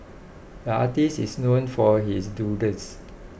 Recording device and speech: boundary microphone (BM630), read sentence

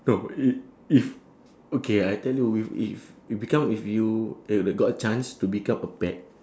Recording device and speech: standing microphone, conversation in separate rooms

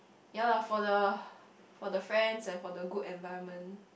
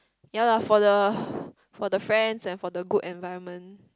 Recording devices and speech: boundary microphone, close-talking microphone, conversation in the same room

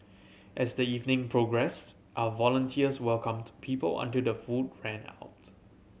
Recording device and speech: mobile phone (Samsung C7100), read sentence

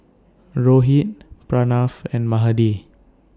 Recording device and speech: standing microphone (AKG C214), read sentence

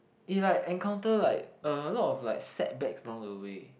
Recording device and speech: boundary microphone, conversation in the same room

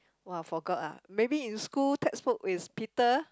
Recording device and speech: close-talking microphone, conversation in the same room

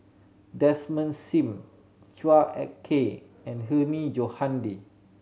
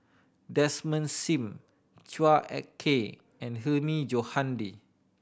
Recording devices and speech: mobile phone (Samsung C7100), boundary microphone (BM630), read sentence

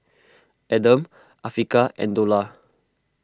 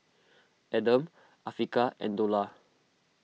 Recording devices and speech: close-talking microphone (WH20), mobile phone (iPhone 6), read sentence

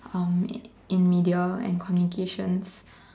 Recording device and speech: standing microphone, conversation in separate rooms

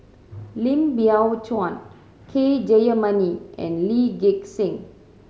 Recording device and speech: mobile phone (Samsung C7100), read sentence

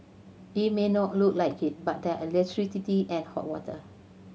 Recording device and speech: mobile phone (Samsung C7100), read sentence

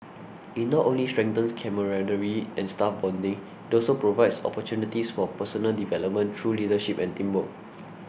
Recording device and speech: boundary microphone (BM630), read sentence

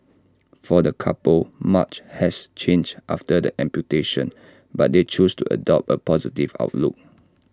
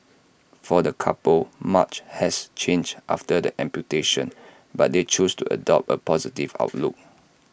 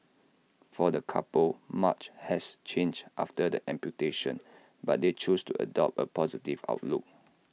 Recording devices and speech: standing microphone (AKG C214), boundary microphone (BM630), mobile phone (iPhone 6), read sentence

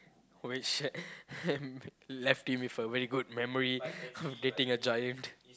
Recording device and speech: close-talking microphone, conversation in the same room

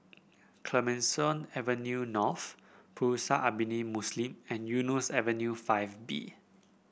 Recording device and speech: boundary microphone (BM630), read sentence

